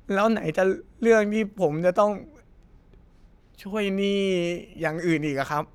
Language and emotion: Thai, sad